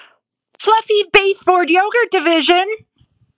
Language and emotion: English, happy